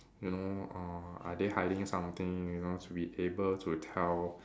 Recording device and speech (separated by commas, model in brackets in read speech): standing microphone, conversation in separate rooms